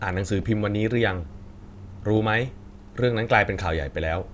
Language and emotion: Thai, neutral